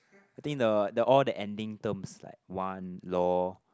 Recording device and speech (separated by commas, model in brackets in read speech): close-talking microphone, conversation in the same room